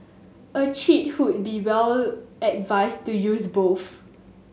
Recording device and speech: mobile phone (Samsung S8), read sentence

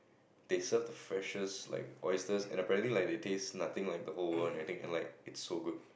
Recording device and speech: boundary microphone, conversation in the same room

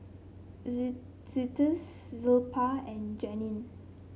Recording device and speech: mobile phone (Samsung C7), read sentence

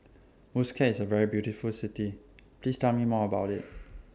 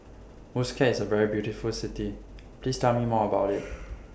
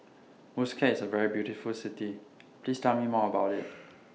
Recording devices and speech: standing microphone (AKG C214), boundary microphone (BM630), mobile phone (iPhone 6), read sentence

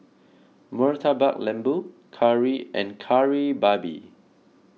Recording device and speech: mobile phone (iPhone 6), read sentence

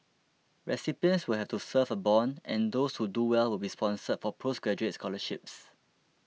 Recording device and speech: mobile phone (iPhone 6), read sentence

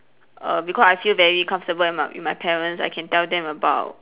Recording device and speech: telephone, conversation in separate rooms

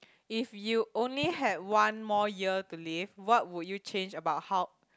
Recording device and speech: close-talking microphone, conversation in the same room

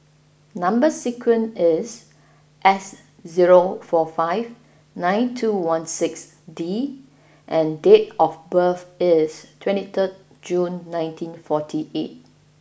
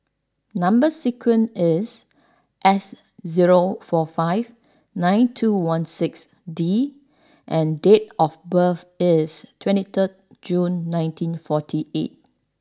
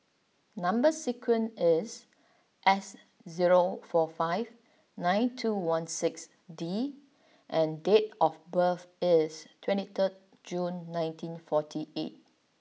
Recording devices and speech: boundary microphone (BM630), standing microphone (AKG C214), mobile phone (iPhone 6), read sentence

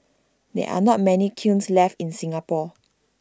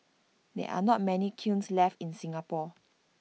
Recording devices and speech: standing microphone (AKG C214), mobile phone (iPhone 6), read sentence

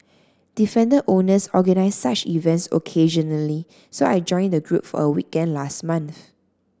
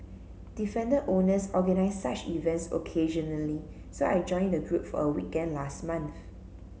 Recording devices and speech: standing microphone (AKG C214), mobile phone (Samsung C7), read sentence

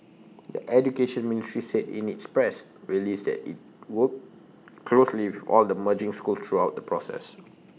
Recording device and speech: mobile phone (iPhone 6), read sentence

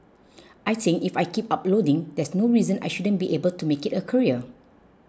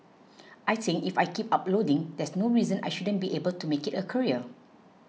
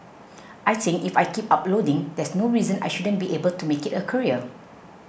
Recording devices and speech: close-talking microphone (WH20), mobile phone (iPhone 6), boundary microphone (BM630), read sentence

